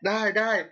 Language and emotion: Thai, neutral